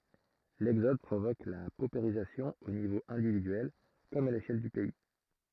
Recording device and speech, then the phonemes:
throat microphone, read sentence
lɛɡzɔd pʁovok la popeʁizasjɔ̃ o nivo ɛ̃dividyɛl kɔm a leʃɛl dy pɛi

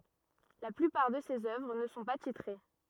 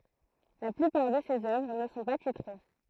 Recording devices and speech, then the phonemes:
rigid in-ear microphone, throat microphone, read sentence
la plypaʁ də sez œvʁ nə sɔ̃ pa titʁe

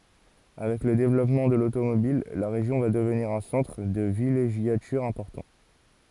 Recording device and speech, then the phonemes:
forehead accelerometer, read sentence
avɛk lə devlɔpmɑ̃ də lotomobil la ʁeʒjɔ̃ va dəvniʁ œ̃ sɑ̃tʁ də vileʒjatyʁ ɛ̃pɔʁtɑ̃

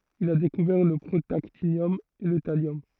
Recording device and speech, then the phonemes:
throat microphone, read sentence
il a dekuvɛʁ lə pʁotaktinjɔm e lə taljɔm

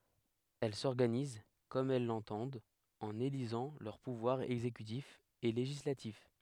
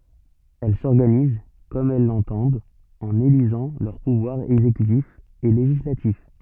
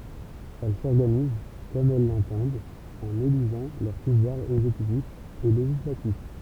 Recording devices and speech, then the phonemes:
headset microphone, soft in-ear microphone, temple vibration pickup, read sentence
ɛl sɔʁɡaniz kɔm ɛl lɑ̃tɑ̃dt ɑ̃n elizɑ̃ lœʁ puvwaʁz ɛɡzekytif e leʒislatif

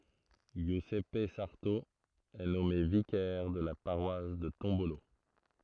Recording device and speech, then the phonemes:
throat microphone, read sentence
ʒjyzɛp saʁto ɛ nɔme vikɛʁ də la paʁwas də tɔ̃bolo

